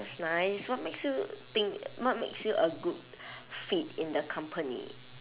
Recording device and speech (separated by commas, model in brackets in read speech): telephone, conversation in separate rooms